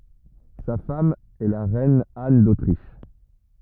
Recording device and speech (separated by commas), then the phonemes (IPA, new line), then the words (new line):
rigid in-ear microphone, read sentence
sa fam ɛ la ʁɛn an dotʁiʃ
Sa femme est la reine Anne d'Autriche.